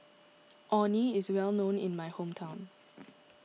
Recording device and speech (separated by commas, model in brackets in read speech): mobile phone (iPhone 6), read sentence